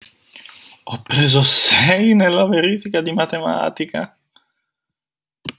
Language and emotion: Italian, surprised